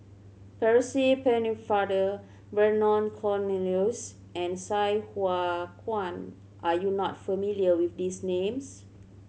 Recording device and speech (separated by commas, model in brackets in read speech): mobile phone (Samsung C7100), read sentence